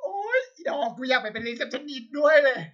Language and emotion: Thai, happy